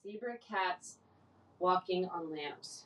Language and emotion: English, sad